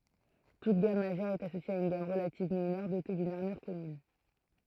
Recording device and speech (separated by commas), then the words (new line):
throat microphone, read sentence
Toute gamme majeure est associée à une gamme relative mineure dotée d'une armure commune.